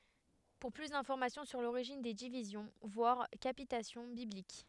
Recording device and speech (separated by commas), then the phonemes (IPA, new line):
headset microphone, read sentence
puʁ ply dɛ̃fɔʁmasjɔ̃ syʁ loʁiʒin de divizjɔ̃ vwaʁ kapitasjɔ̃ biblik